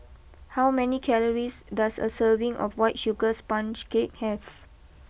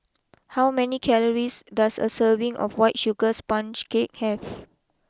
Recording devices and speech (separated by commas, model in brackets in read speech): boundary microphone (BM630), close-talking microphone (WH20), read sentence